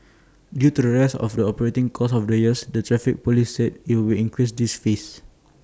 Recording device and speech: standing microphone (AKG C214), read sentence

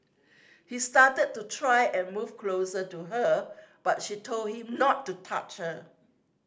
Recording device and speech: standing microphone (AKG C214), read sentence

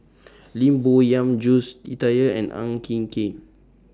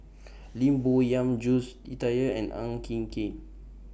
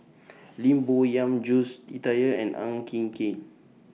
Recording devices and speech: standing microphone (AKG C214), boundary microphone (BM630), mobile phone (iPhone 6), read sentence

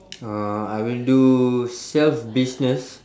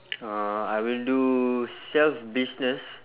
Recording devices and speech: standing microphone, telephone, conversation in separate rooms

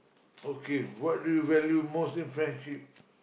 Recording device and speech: boundary microphone, conversation in the same room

